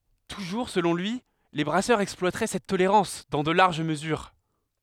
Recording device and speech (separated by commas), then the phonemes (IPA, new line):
headset microphone, read sentence
tuʒuʁ səlɔ̃ lyi le bʁasœʁz ɛksplwatʁɛ sɛt toleʁɑ̃s dɑ̃ də laʁʒ məzyʁ